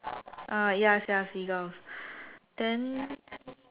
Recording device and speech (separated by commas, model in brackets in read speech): telephone, conversation in separate rooms